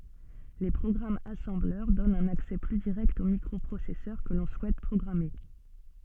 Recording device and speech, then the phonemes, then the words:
soft in-ear microphone, read sentence
le pʁɔɡʁamz asɑ̃blœʁ dɔnt œ̃n aksɛ ply diʁɛkt o mikʁɔpʁosɛsœʁ kə lɔ̃ suɛt pʁɔɡʁame
Les programmes assembleur donnent un accès plus direct au microprocesseur que l'on souhaite programmer.

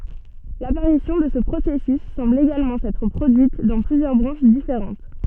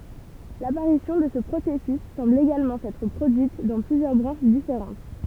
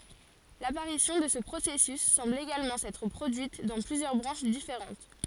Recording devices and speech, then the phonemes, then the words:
soft in-ear microphone, temple vibration pickup, forehead accelerometer, read sentence
lapaʁisjɔ̃ də sə pʁosɛsys sɑ̃bl eɡalmɑ̃ sɛtʁ pʁodyit dɑ̃ plyzjœʁ bʁɑ̃ʃ difeʁɑ̃t
L'apparition de ce processus semble également s'être produite dans plusieurs branches différentes.

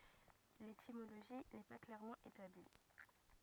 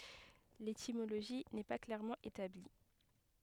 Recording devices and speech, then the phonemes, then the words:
rigid in-ear microphone, headset microphone, read sentence
letimoloʒi nɛ pa klɛʁmɑ̃ etabli
L'étymologie n'est pas clairement établie.

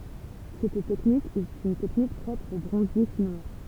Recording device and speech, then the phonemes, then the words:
temple vibration pickup, read sentence
sɛt tɛknik ɛt yn tɛknik pʁɔpʁ o bʁɔ̃zje ʃinwa
Cette technique est une technique propre aux bronziers chinois.

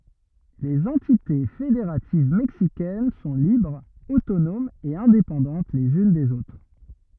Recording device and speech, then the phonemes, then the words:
rigid in-ear microphone, read sentence
lez ɑ̃tite fedeʁativ mɛksikɛn sɔ̃ libʁz otonomz e ɛ̃depɑ̃dɑ̃t lez yn dez otʁ
Les entités fédératives mexicaines sont libres, autonomes et indépendantes les unes des autres.

